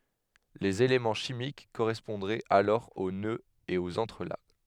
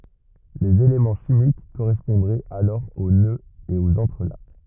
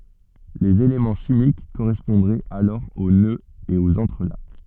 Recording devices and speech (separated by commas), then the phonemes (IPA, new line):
headset microphone, rigid in-ear microphone, soft in-ear microphone, read sentence
lez elemɑ̃ ʃimik koʁɛspɔ̃dʁɛt alɔʁ o nøz e oz ɑ̃tʁəlak